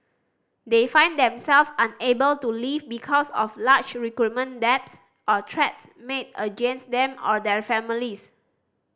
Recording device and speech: standing microphone (AKG C214), read sentence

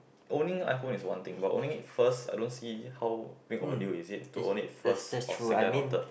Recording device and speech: boundary microphone, conversation in the same room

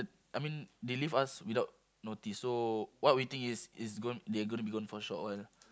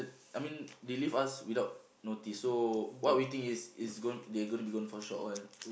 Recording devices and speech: close-talking microphone, boundary microphone, conversation in the same room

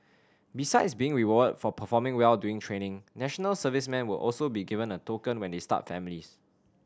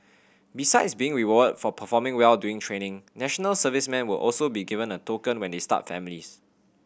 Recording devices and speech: standing microphone (AKG C214), boundary microphone (BM630), read sentence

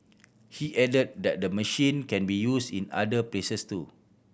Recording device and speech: boundary microphone (BM630), read sentence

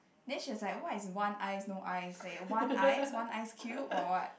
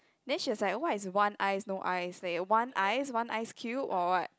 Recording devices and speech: boundary microphone, close-talking microphone, conversation in the same room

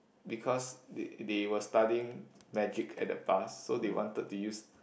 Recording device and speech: boundary microphone, conversation in the same room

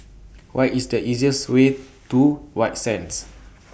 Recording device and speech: boundary microphone (BM630), read sentence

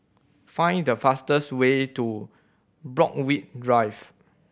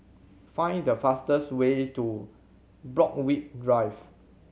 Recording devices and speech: boundary microphone (BM630), mobile phone (Samsung C7100), read sentence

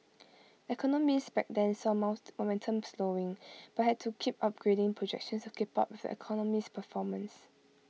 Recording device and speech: mobile phone (iPhone 6), read sentence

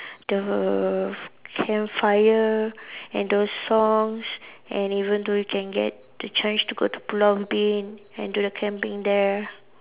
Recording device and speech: telephone, conversation in separate rooms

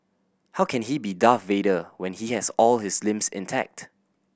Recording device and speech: boundary microphone (BM630), read sentence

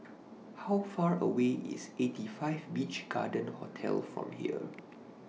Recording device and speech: mobile phone (iPhone 6), read sentence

